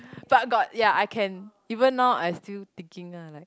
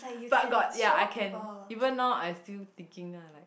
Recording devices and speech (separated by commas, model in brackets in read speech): close-talking microphone, boundary microphone, conversation in the same room